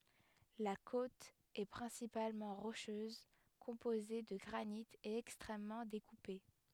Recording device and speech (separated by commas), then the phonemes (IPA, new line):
headset microphone, read sentence
la kot ɛ pʁɛ̃sipalmɑ̃ ʁoʃøz kɔ̃poze də ɡʁanit e ɛkstʁɛmmɑ̃ dekupe